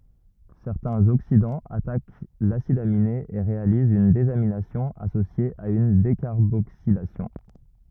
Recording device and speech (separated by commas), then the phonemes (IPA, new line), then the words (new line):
rigid in-ear microphone, read sentence
sɛʁtɛ̃z oksidɑ̃z atak lasid amine e ʁealizt yn dezaminasjɔ̃ asosje a yn dekaʁboksilasjɔ̃
Certains oxydants attaquent l'acide aminé et réalisent une désamination associée à une décarboxylation.